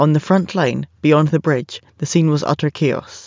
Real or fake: real